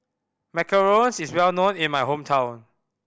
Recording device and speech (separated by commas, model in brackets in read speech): boundary microphone (BM630), read sentence